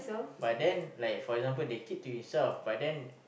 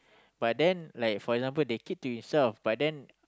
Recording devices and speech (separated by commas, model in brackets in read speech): boundary microphone, close-talking microphone, conversation in the same room